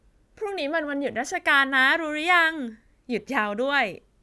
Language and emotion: Thai, happy